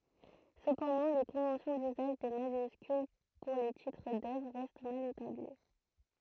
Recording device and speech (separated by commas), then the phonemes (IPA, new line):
throat microphone, read sentence
səpɑ̃dɑ̃ le kɔ̃vɑ̃sjɔ̃ dyzaʒ de maʒyskyl puʁ le titʁ dœvʁ ʁɛst mal etabli